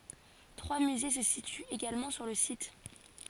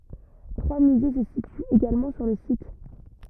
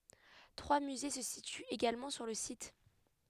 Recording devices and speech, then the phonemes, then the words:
forehead accelerometer, rigid in-ear microphone, headset microphone, read sentence
tʁwa myze sə sityt eɡalmɑ̃ syʁ lə sit
Trois musées se situent également sur le site.

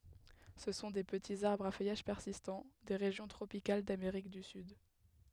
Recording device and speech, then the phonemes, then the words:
headset microphone, read sentence
sə sɔ̃ de pətiz aʁbʁz a fœjaʒ pɛʁsistɑ̃ de ʁeʒjɔ̃ tʁopikal dameʁik dy syd
Ce sont des petits arbres à feuillage persistant, des régions tropicales d'Amérique du Sud.

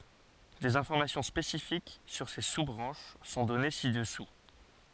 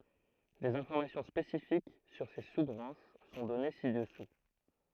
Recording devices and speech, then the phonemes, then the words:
forehead accelerometer, throat microphone, read sentence
dez ɛ̃fɔʁmasjɔ̃ spesifik syʁ se su bʁɑ̃ʃ sɔ̃ dɔne si dəsu
Des informations spécifiques sur ces sous-branches sont données ci-dessous.

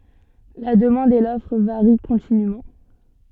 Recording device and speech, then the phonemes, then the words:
soft in-ear microphone, read sentence
la dəmɑ̃d e lɔfʁ vaʁi kɔ̃tinym
La demande et l'offre varient continûment.

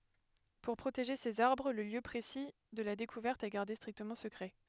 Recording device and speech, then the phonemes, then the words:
headset microphone, read sentence
puʁ pʁoteʒe sez aʁbʁ lə ljø pʁesi də la dekuvɛʁt ɛ ɡaʁde stʁiktəmɑ̃ səkʁɛ
Pour protéger ces arbres, le lieu précis de la découverte est gardé strictement secret.

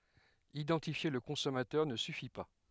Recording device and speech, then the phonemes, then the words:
headset microphone, read sentence
idɑ̃tifje lə kɔ̃sɔmatœʁ nə syfi pa
Identifier le consommateur ne suffit pas.

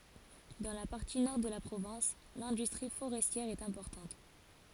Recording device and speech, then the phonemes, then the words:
forehead accelerometer, read sentence
dɑ̃ la paʁti nɔʁ də la pʁovɛ̃s lɛ̃dystʁi foʁɛstjɛʁ ɛt ɛ̃pɔʁtɑ̃t
Dans la partie nord de la province, l'industrie forestière est importante.

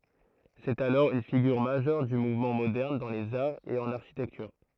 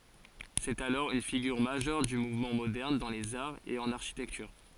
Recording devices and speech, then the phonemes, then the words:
throat microphone, forehead accelerometer, read sentence
sɛt alɔʁ yn fiɡyʁ maʒœʁ dy muvmɑ̃ modɛʁn dɑ̃ lez aʁz e ɑ̃n aʁʃitɛktyʁ
C’est alors une figure majeure du mouvement moderne dans les arts et en architecture.

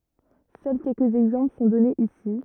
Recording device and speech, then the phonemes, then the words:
rigid in-ear microphone, read sentence
sœl kɛlkəz ɛɡzɑ̃pl sɔ̃ dɔnez isi
Seuls quelques exemples sont donnés ici.

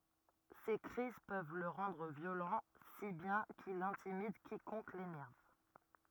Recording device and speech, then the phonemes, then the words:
rigid in-ear microphone, read sentence
se kʁiz pøv lə ʁɑ̃dʁ vjolɑ̃ si bjɛ̃ kil ɛ̃timid kikɔ̃k lenɛʁv
Ses crises peuvent le rendre violent, si bien qu'il intimide quiconque l'énerve.

